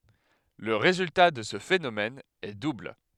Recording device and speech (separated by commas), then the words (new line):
headset microphone, read sentence
Le résultat de ce phénomène est double.